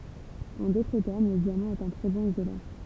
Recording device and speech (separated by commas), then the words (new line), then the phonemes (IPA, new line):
temple vibration pickup, read sentence
En d'autres termes, le diamant est un très bon isolant.
ɑ̃ dotʁ tɛʁm lə djamɑ̃ ɛt œ̃ tʁɛ bɔ̃n izolɑ̃